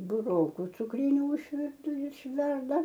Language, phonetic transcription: Lithuanian, buˈroku cukˈryniu išˈvirtu išˈverda

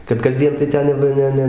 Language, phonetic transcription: Lithuanian, kad kaˈsdien tai ˈten jau ˈva ˈne ˈne

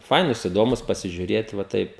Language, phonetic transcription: Lithuanian, ˈfainūs iˈdomūs pasižiuˈrėt va ˈtaip

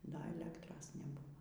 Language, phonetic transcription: Lithuanian, da eˈlektros neˈbuvo

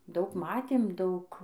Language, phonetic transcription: Lithuanian, ˈdaug ˈmatėm ˈdaug

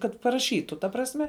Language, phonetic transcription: Lithuanian, kad paraˈšytu ta prasˈme

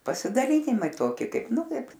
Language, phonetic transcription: Lithuanian, pasidaˈlynimai ˈtoki ˈkaip ˈnu ˈkaip

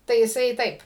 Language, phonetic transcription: Lithuanian, tai jiˈsai ˈtaip

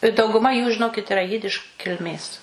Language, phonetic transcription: Lithuanian, i dauguˈma jų žiˈnokit iˈra ˈjidiš kilˈmės

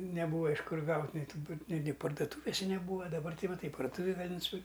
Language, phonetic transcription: Lithuanian, neˈbūva iš ˈkur ˈgaut' nei ˈtų ˈni ni parduˈtūvise neˈbūva daˈbar ˈtai va ˈtai parduˈtūvėj ˈgali nusiˈpirk'

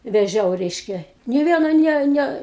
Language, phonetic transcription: Lithuanian, veˈžiau ˈreiškia nė ˈviena ˈne ˈne

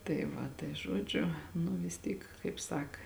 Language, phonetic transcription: Lithuanian, tai ˈva tai ˈžuodžiu nu vis ˈtyk kaip ˈsak

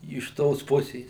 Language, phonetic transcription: Lithuanian, iš ˈtos ˈpusės

